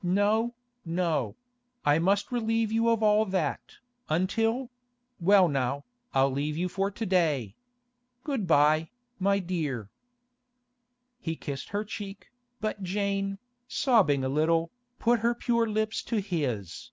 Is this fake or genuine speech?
genuine